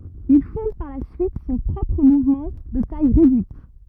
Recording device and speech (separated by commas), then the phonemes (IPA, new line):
rigid in-ear microphone, read sentence
il fɔ̃d paʁ la syit sɔ̃ pʁɔpʁ muvmɑ̃ də taj ʁedyit